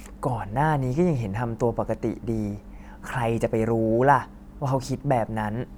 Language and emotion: Thai, frustrated